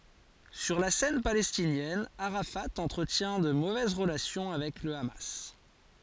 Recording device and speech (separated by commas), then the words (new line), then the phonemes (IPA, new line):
forehead accelerometer, read sentence
Sur la scène palestinienne, Arafat entretient de mauvaises relations avec le Hamas.
syʁ la sɛn palɛstinjɛn aʁafa ɑ̃tʁətjɛ̃ də movɛz ʁəlasjɔ̃ avɛk lə ama